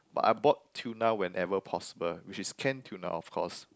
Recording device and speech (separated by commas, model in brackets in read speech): close-talking microphone, conversation in the same room